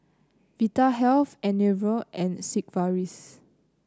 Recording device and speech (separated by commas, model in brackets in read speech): close-talking microphone (WH30), read sentence